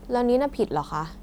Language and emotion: Thai, frustrated